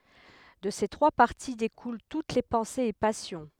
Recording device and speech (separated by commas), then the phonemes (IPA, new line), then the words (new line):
headset microphone, read sentence
də se tʁwa paʁti dekulɑ̃ tut le pɑ̃sez e pasjɔ̃
De ces trois parties découlent toutes les pensées et passions.